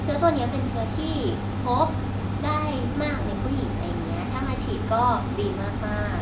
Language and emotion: Thai, neutral